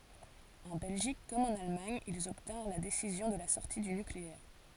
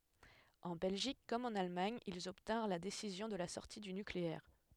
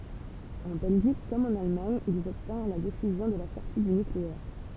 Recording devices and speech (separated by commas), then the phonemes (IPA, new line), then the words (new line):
forehead accelerometer, headset microphone, temple vibration pickup, read sentence
ɑ̃ bɛlʒik kɔm ɑ̃n almaɲ ilz ɔbtɛ̃ʁ la desizjɔ̃ də la sɔʁti dy nykleɛʁ
En Belgique comme en Allemagne, ils obtinrent la décision de la sortie du nucléaire.